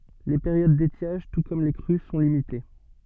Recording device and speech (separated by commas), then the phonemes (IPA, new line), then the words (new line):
soft in-ear microphone, read sentence
le peʁjod detjaʒ tu kɔm le kʁy sɔ̃ limite
Les périodes d’étiage, tout comme les crues, sont limitées.